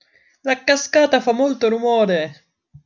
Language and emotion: Italian, happy